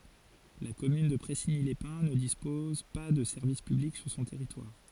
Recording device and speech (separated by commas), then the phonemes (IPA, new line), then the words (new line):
forehead accelerometer, read sentence
la kɔmyn də pʁɛsiɲilɛspɛ̃ nə dispɔz pa də sɛʁvis pyblik syʁ sɔ̃ tɛʁitwaʁ
La commune de Pressigny-les-Pins ne dispose pas de services publics sur son territoire.